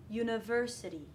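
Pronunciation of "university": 'University' is pronounced correctly here, with the primary stress on 'ver'.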